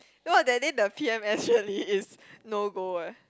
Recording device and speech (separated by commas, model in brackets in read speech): close-talking microphone, conversation in the same room